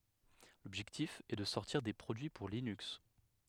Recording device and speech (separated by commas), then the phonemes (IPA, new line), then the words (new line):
headset microphone, read sentence
lɔbʒɛktif ɛ də sɔʁtiʁ de pʁodyi puʁ linyks
L'objectif est de sortir des produits pour Linux.